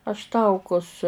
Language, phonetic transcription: Lithuanian, aš ˈtaukus

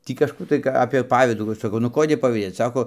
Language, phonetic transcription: Lithuanian, ˈtį kažˈkų tai ka apė ˈpavydų ˈva saˈkau nu ˈkodė pavyˈdėc ˈsako

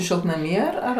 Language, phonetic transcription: Lithuanian, šiltnaˈmy ar ˈar

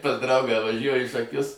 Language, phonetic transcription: Lithuanian, pas ˈdraugą vaˈžiuoju į šaˈkius

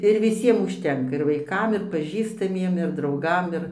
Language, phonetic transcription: Lithuanian, ir viˈsiem užˈtenka ir vaiˈkam ir paˈžįstamiem ir drauˈgam ir

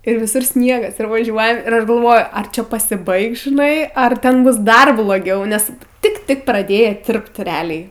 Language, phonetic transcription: Lithuanian, ir viˈsur ˈsniegas ir vaˈžiuojam ir ˈaš galˈvoju ar ˈčia pasiˈbaigs žiˈnai ar ˈten ˈbus ˈdar bloˈgiau ˈnes ˈtik ˈtik praˈdėja ˈtirpt reˈaliai

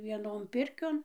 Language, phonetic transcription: Lithuanian, vieˈnon ˈpirkion

